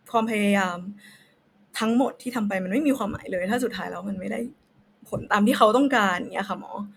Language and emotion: Thai, sad